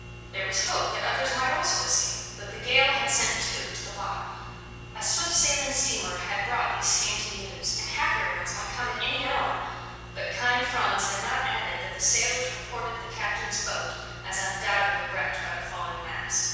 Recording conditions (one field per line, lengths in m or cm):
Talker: one person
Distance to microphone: 7.1 m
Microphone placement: far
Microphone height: 1.7 m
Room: very reverberant, large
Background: none